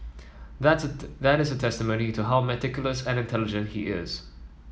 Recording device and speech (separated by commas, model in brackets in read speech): mobile phone (iPhone 7), read sentence